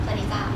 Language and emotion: Thai, neutral